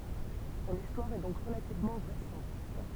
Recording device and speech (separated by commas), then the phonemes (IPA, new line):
temple vibration pickup, read sentence
sɔ̃n istwaʁ ɛ dɔ̃k ʁəlativmɑ̃ ʁesɑ̃t